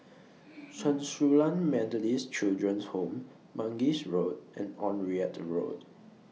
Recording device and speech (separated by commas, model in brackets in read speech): mobile phone (iPhone 6), read sentence